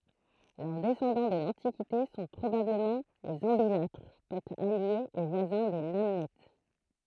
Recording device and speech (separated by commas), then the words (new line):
throat microphone, read sentence
Leurs descendants de l'Antiquité sont probablement les Ambilatres, peuple allié et voisin des Namnètes.